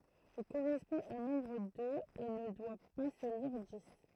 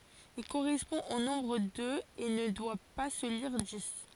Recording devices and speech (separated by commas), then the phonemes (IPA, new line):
throat microphone, forehead accelerometer, read sentence
il koʁɛspɔ̃ o nɔ̃bʁ døz e nə dwa pa sə liʁ dis